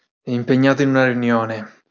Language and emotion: Italian, angry